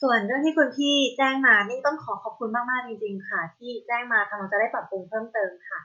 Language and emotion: Thai, neutral